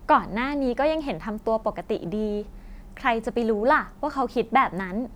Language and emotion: Thai, happy